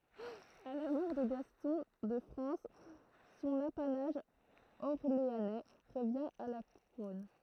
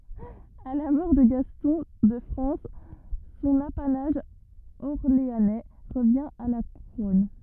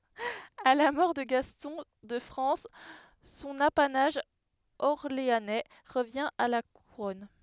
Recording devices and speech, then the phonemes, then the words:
throat microphone, rigid in-ear microphone, headset microphone, read sentence
a la mɔʁ də ɡastɔ̃ də fʁɑ̃s sɔ̃n apanaʒ ɔʁleanɛ ʁəvjɛ̃ a la kuʁɔn
À la mort de Gaston de France, son apanage orléanais revient à la Couronne.

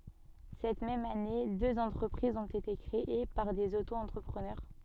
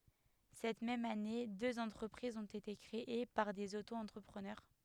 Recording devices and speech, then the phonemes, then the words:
soft in-ear microphone, headset microphone, read sentence
sɛt mɛm ane døz ɑ̃tʁəpʁizz ɔ̃t ete kʁee paʁ dez oto ɑ̃tʁəpʁənœʁ
Cette même année, deux entreprises ont été créées par des auto-entrepreneurs.

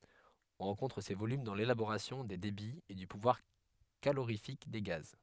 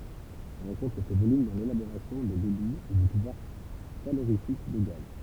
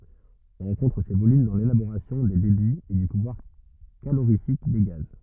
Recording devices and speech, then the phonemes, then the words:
headset microphone, temple vibration pickup, rigid in-ear microphone, read sentence
ɔ̃ ʁɑ̃kɔ̃tʁ se volym dɑ̃ lelaboʁasjɔ̃ de debiz e dy puvwaʁ kaloʁifik de ɡaz
On rencontre ces volumes dans l'élaboration des débits et du pouvoir calorifique des gaz.

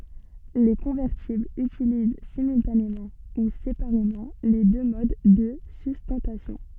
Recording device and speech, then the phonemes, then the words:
soft in-ear microphone, read sentence
le kɔ̃vɛʁtiblz ytiliz simyltanemɑ̃ u sepaʁemɑ̃ le dø mod də systɑ̃tasjɔ̃
Les convertibles utilisent simultanément ou séparément les deux modes de sustentation.

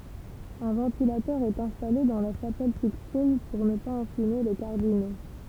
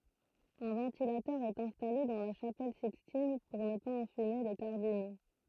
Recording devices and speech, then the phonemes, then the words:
temple vibration pickup, throat microphone, read sentence
œ̃ vɑ̃tilatœʁ ɛt ɛ̃stale dɑ̃ la ʃapɛl sikstin puʁ nə paz ɑ̃fyme le kaʁdino
Un ventilateur est installé dans la chapelle Sixtine pour ne pas enfumer les cardinaux.

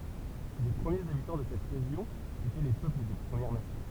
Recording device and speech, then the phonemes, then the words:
temple vibration pickup, read sentence
le pʁəmjez abitɑ̃ də sɛt ʁeʒjɔ̃ etɛ le pøpl de pʁəmjɛʁ nasjɔ̃
Les premiers habitants de cette région étaient les peuples des Premières Nations.

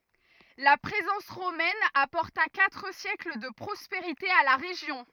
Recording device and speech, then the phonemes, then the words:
rigid in-ear microphone, read sentence
la pʁezɑ̃s ʁomɛn apɔʁta katʁ sjɛkl də pʁɔspeʁite a la ʁeʒjɔ̃
La présence romaine apporta quatre siècles de prospérité à la région.

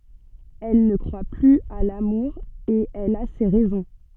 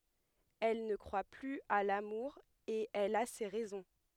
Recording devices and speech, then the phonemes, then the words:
soft in-ear microphone, headset microphone, read sentence
ɛl nə kʁwa plyz a lamuʁ e ɛl a se ʁɛzɔ̃
Elle ne croit plus à l'amour et elle a ses raisons.

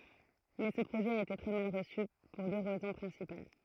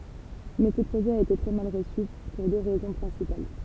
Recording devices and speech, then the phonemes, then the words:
throat microphone, temple vibration pickup, read sentence
mɛ sə pʁoʒɛ a ete tʁɛ mal ʁəsy puʁ dø ʁɛzɔ̃ pʁɛ̃sipal
Mais ce projet a été très mal reçu, pour deux raisons principales.

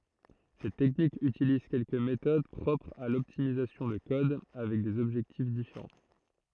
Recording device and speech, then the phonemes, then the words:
throat microphone, read sentence
sɛt tɛknik ytiliz kɛlkə metod pʁɔpʁz a lɔptimizasjɔ̃ də kɔd avɛk dez ɔbʒɛktif difeʁɑ̃
Cette technique utilise quelques méthodes propres à l'optimisation de code, avec des objectifs différents.

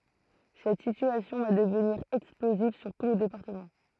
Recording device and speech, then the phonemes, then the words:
throat microphone, read sentence
sɛt sityasjɔ̃ va dəvniʁ ɛksploziv syʁ tu lə depaʁtəmɑ̃
Cette situation va devenir explosive sur tout le département.

